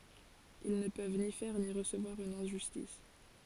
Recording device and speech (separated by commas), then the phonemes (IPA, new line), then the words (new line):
forehead accelerometer, read sentence
il nə pøv ni fɛʁ ni ʁəsəvwaʁ yn ɛ̃ʒystis
Ils ne peuvent ni faire ni recevoir une injustice.